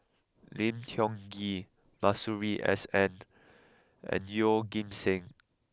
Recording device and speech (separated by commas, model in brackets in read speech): close-talking microphone (WH20), read sentence